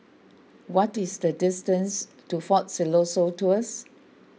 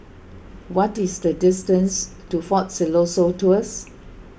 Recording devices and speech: mobile phone (iPhone 6), boundary microphone (BM630), read sentence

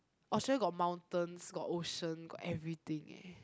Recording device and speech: close-talking microphone, conversation in the same room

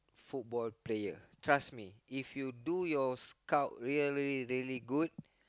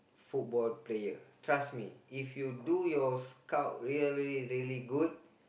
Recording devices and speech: close-talking microphone, boundary microphone, conversation in the same room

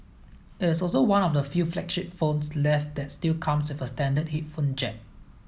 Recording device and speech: mobile phone (iPhone 7), read sentence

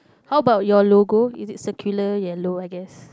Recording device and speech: close-talking microphone, conversation in the same room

